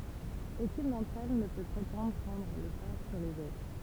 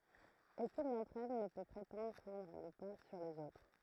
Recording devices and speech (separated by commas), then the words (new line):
temple vibration pickup, throat microphone, read sentence
Aucune d'entre elles ne peut prétendre prendre le pas sur les autres.